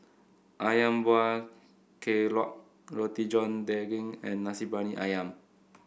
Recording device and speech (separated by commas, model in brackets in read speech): boundary microphone (BM630), read sentence